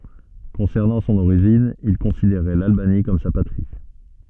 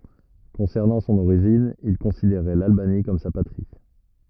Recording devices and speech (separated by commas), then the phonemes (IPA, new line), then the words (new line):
soft in-ear microphone, rigid in-ear microphone, read sentence
kɔ̃sɛʁnɑ̃ sɔ̃n oʁiʒin il kɔ̃sideʁɛ lalbani kɔm sa patʁi
Concernant son origine, il considérait l'Albanie comme sa patrie.